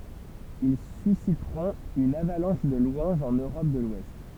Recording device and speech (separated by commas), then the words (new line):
temple vibration pickup, read sentence
Ils susciteront une avalanche de louanges en Europe de l'Ouest.